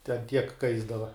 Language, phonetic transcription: Lithuanian, ten tiek ˈkaisdava

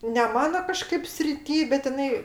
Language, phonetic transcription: Lithuanian, ne ˈmano kaˈžkaip sriˈty bet iˈnai

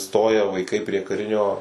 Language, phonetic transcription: Lithuanian, ˈstoja vaiˈkai prie kaˈrinio

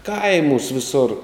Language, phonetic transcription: Lithuanian, ˈkaimūs' viˈsor

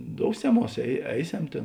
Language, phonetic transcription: Lithuanian, ˈdouseˌmuos ei ˈeiˌsem ˈtėn

